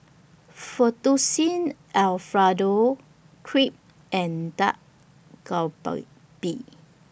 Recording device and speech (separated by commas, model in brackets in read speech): boundary microphone (BM630), read sentence